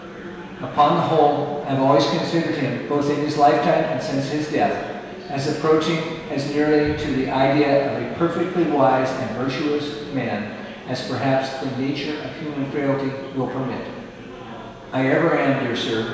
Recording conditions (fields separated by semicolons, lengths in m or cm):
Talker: one person; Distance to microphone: 1.7 m; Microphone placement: close; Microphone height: 1.0 m; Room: very reverberant, large; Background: babble